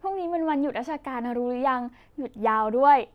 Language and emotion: Thai, happy